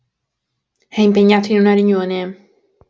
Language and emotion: Italian, neutral